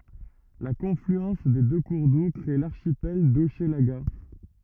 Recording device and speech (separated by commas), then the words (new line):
rigid in-ear microphone, read sentence
La confluence des deux cours d'eau crée l'archipel d'Hochelaga.